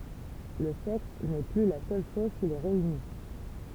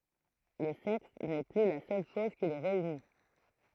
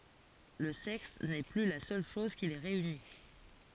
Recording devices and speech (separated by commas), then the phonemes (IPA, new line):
temple vibration pickup, throat microphone, forehead accelerometer, read sentence
lə sɛks nɛ ply la sœl ʃɔz ki le ʁeyni